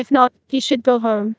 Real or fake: fake